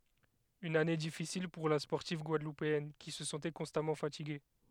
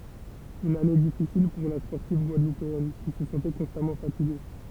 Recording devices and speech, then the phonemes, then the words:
headset microphone, temple vibration pickup, read sentence
yn ane difisil puʁ la spɔʁtiv ɡwadlupeɛn ki sə sɑ̃tɛ kɔ̃stamɑ̃ fatiɡe
Une année difficile pour la sportive guadeloupéenne, qui se sentait constamment fatiguée.

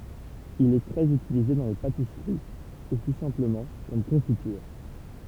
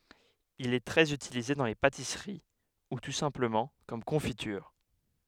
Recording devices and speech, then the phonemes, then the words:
temple vibration pickup, headset microphone, read sentence
il ɛ tʁɛz ytilize dɑ̃ le patisəʁi u tu sɛ̃pləmɑ̃ kɔm kɔ̃fityʁ
Il est très utilisé dans les pâtisseries ou tout simplement comme confiture.

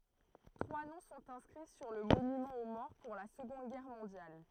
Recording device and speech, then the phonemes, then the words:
throat microphone, read sentence
tʁwa nɔ̃ sɔ̃t ɛ̃skʁi syʁ lə monymɑ̃ o mɔʁ puʁ la səɡɔ̃d ɡɛʁ mɔ̃djal
Trois noms sont inscrits sur le monument aux morts pour la Seconde Guerre mondiale.

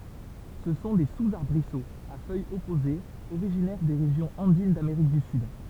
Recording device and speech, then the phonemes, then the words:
temple vibration pickup, read sentence
sə sɔ̃ de suzaʁbʁisoz a fœjz ɔpozez oʁiʒinɛʁ de ʁeʒjɔ̃z ɑ̃din dameʁik dy syd
Ce sont des sous-arbrisseaux, à feuilles opposées originaires des régions andines d'Amérique du Sud.

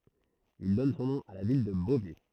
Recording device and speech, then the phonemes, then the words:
throat microphone, read sentence
il dɔn sɔ̃ nɔ̃ a la vil də bovɛ
Ils donnent son nom à la ville de Beauvais.

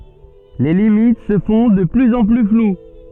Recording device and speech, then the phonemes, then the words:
soft in-ear microphone, read sentence
le limit sə fɔ̃ də plyz ɑ̃ ply flw
Les limites se font de plus en plus floues.

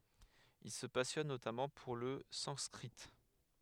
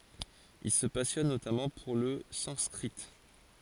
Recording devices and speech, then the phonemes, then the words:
headset microphone, forehead accelerometer, read sentence
il sə pasjɔn notamɑ̃ puʁ lə sɑ̃skʁi
Il se passionne notamment pour le sanskrit.

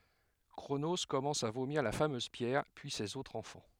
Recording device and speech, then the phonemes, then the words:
headset microphone, read sentence
kʁono kɔmɑ̃s a vomiʁ la famøz pjɛʁ pyi sez otʁz ɑ̃fɑ̃
Cronos commence à vomir la fameuse pierre, puis ses autres enfants.

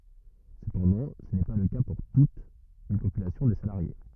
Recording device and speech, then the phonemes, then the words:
rigid in-ear microphone, read sentence
səpɑ̃dɑ̃ sə nɛ pa lə ka puʁ tut yn popylasjɔ̃ də salaʁje
Cependant, ce n'est pas le cas pour toute une population de salariés.

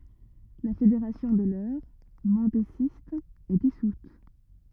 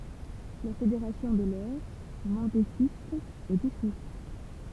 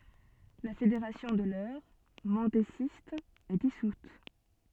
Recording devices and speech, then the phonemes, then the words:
rigid in-ear microphone, temple vibration pickup, soft in-ear microphone, read sentence
la fedeʁasjɔ̃ də lœʁ mɑ̃dezist ɛ disut
La fédération de l'Eure, mendésiste, est dissoute.

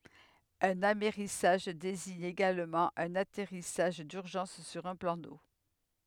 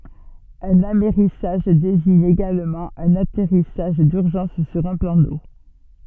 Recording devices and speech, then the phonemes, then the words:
headset microphone, soft in-ear microphone, read sentence
œ̃n amɛʁisaʒ deziɲ eɡalmɑ̃ œ̃n atɛʁisaʒ dyʁʒɑ̃s syʁ œ̃ plɑ̃ do
Un amerrissage désigne également un atterrissage d'urgence sur un plan d'eau.

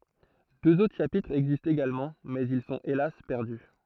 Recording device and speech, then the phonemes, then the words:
throat microphone, read sentence
døz otʁ ʃapitʁz ɛɡzistt eɡalmɑ̃ mɛz il sɔ̃t elas pɛʁdy
Deux autres chapitres existent également mais ils sont hélas perdus.

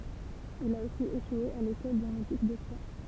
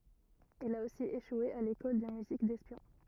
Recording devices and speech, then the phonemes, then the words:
temple vibration pickup, rigid in-ear microphone, read sentence
il a osi eʃwe a lekɔl də myzik dɛspjɔ̃
Il a aussi échoué à l'école de musique d'espion.

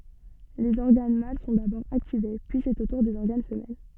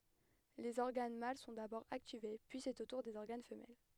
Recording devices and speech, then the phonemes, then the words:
soft in-ear microphone, headset microphone, read sentence
lez ɔʁɡan mal sɔ̃ dabɔʁ aktive pyi sɛt o tuʁ dez ɔʁɡan fəmɛl
Les organes mâles sont d'abord activés, puis c'est au tour des organes femelles.

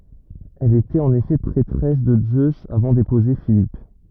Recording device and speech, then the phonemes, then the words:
rigid in-ear microphone, read sentence
ɛl etɛt ɑ̃n efɛ pʁɛtʁɛs də zøz avɑ̃ depuze filip
Elle était en effet prêtresse de Zeus avant d'épouser Philippe.

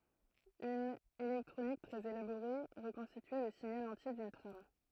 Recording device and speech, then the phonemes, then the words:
throat microphone, read sentence
yn elɛktʁonik tʁɛz elaboʁe ʁəkɔ̃stityɛ lə siɲal ɑ̃tje dyn tʁam
Une électronique très élaborée reconstituait le signal entier d'une trame.

